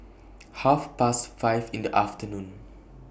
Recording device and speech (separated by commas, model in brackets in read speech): boundary microphone (BM630), read sentence